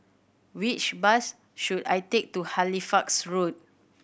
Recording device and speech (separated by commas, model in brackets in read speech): boundary microphone (BM630), read sentence